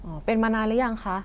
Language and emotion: Thai, neutral